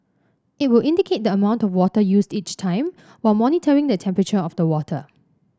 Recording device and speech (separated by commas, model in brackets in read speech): standing microphone (AKG C214), read sentence